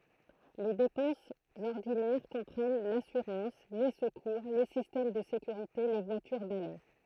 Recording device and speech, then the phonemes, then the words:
throat microphone, read sentence
le depɑ̃sz ɔʁdinɛʁ kɔ̃pʁɛn lasyʁɑ̃s le səkuʁ le sistɛm də sekyʁite le vwatyʁ balɛ
Les dépenses ordinaires comprennent l'assurance, les secours, les systèmes de sécurité, les voitures balai...

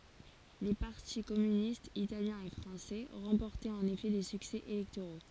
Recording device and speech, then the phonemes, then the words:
forehead accelerometer, read sentence
le paʁti kɔmynistz italjɛ̃ e fʁɑ̃sɛ ʁɑ̃pɔʁtɛt ɑ̃n efɛ de syksɛ elɛktoʁo
Les partis communistes italien et français remportaient en effet des succès électoraux.

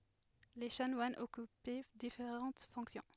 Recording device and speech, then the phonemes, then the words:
headset microphone, read sentence
le ʃanwanz ɔkypɛ difeʁɑ̃t fɔ̃ksjɔ̃
Les chanoines occupaient différentes fonctions.

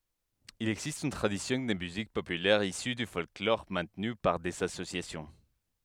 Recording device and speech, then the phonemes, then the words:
headset microphone, read sentence
il ɛɡzist yn tʁadisjɔ̃ də myzik popylɛʁ isy dy fɔlklɔʁ mɛ̃tny paʁ dez asosjasjɔ̃
Il existe une tradition de musique populaire issue du folklore maintenue par des associations.

